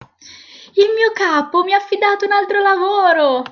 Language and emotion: Italian, surprised